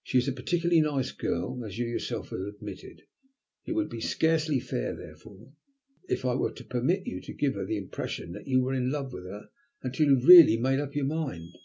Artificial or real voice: real